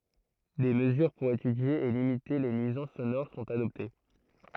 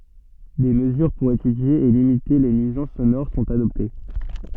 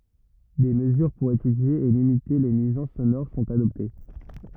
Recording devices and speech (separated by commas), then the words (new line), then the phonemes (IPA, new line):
throat microphone, soft in-ear microphone, rigid in-ear microphone, read sentence
Des mesures pour étudier et limiter les nuisances sonores sont adoptées.
de məzyʁ puʁ etydje e limite le nyizɑ̃s sonoʁ sɔ̃t adɔpte